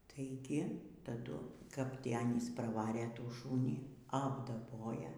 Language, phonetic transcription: Lithuanian, tai ˈgi taˈdu kap ˈtį ˈanys praˈvarė ˈtų ˈšūnį apdaˈboja

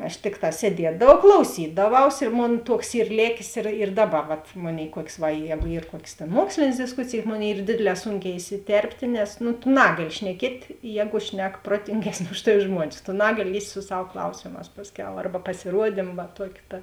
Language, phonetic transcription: Lithuanian, aš ˈtikˌtā sieˈdiedavau klauˈsydaˌvaus ir ˈmon ˈtuoks ˈyr ˈlėkės ir ir ˈdaˌba ˈvat ˈmoˌnėi ˈkuok's' ˈva ˈjegu ˈyr ˈkuokės tėn ˈmuokslėnės disˈkusėjės ˈmoˌnėi ˈyr ˈdėdėˌlē ˈsūnˌkē isiˈterptė nes nu tu ˈnagaˌli šneˈkiet' ˈjēgu ˈšnek ˈprotingesˌnė ˈuž taˌvi ˈžmuonis tu ˈnagaˌli ˈlįst' su ˈsav ˈklausėmās ˈpasˌkiau ˈarba pasiˈruodim va ˈtuoki ˈta

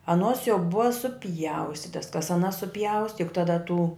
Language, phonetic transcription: Lithuanian, aˈnuos jau ˈbua suˈpjaustitas kas aˈnas suˈpjausti juk taˈda tų

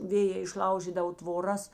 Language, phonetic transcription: Lithuanian, ˈvėjē išˈlaužydavo tvoˈras

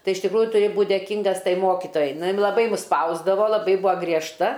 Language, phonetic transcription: Lithuanian, ˈtai iš tikˈrųju tuˈri ˈbūt dėˈkyngas ˈtai ˈmokitojai ˈnu ˈjin laˈbai mus ˈspausdavo laˈbai ˈbuo griežˈta

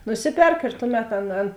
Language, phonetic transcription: Lithuanian, nuˈsiˌperk ir ˈtuˌmet ˈan ˈan

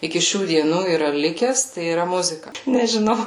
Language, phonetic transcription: Lithuanian, iki ˈšių dieˈnų yˈra ˈlikes tai yˈra ˈmuzika nežiˈnau

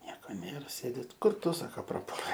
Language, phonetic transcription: Lithuanian, ˈnieko ˈnėr ˈsėdi ti ˈkur ˈtu ˈsaka praˈpuolei

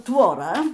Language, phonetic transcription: Lithuanian, tvoˈra

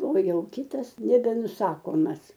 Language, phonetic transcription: Lithuanian, o ˈjau ˈkitas nebenuˈsakomas

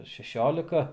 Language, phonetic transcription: Lithuanian, ar šeˈšiolika

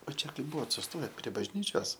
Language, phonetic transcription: Lithuanian, o ˈčia ˈkai ˈbuvot susˈtoje prie bažˈnyčios

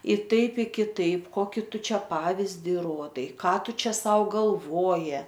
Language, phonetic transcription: Lithuanian, i ˈtaip i kiˈtaip ˈkoki ˈtu ˈčia ˈpavizdi ˈruodai ˈką ˈtu ˈčia ˈsau galˈvoji

